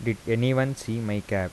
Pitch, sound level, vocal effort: 115 Hz, 83 dB SPL, soft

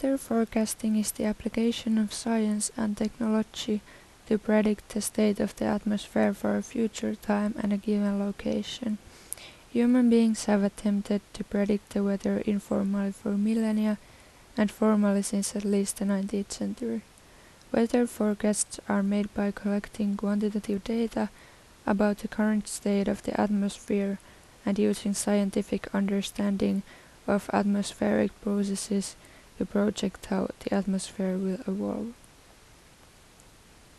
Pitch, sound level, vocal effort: 210 Hz, 78 dB SPL, soft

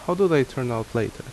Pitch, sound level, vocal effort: 130 Hz, 80 dB SPL, normal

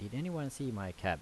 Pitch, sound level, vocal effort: 130 Hz, 84 dB SPL, normal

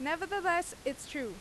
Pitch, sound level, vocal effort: 315 Hz, 91 dB SPL, very loud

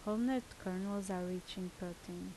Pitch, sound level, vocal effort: 185 Hz, 77 dB SPL, normal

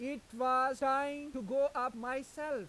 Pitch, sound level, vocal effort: 265 Hz, 98 dB SPL, loud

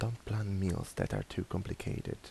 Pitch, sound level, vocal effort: 105 Hz, 75 dB SPL, soft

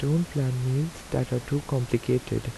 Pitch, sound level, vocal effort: 130 Hz, 78 dB SPL, soft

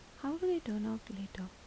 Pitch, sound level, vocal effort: 220 Hz, 77 dB SPL, soft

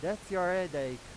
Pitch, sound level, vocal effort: 180 Hz, 98 dB SPL, very loud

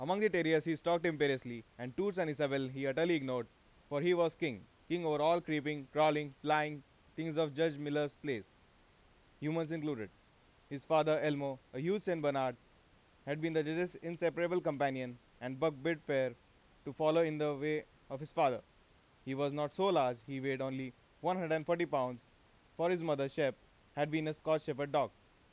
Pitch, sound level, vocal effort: 150 Hz, 94 dB SPL, very loud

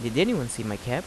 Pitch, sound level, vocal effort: 120 Hz, 85 dB SPL, normal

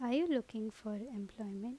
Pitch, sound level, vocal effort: 220 Hz, 81 dB SPL, normal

